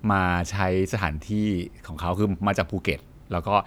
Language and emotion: Thai, neutral